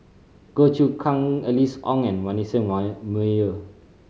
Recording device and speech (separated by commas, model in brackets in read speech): mobile phone (Samsung C5010), read sentence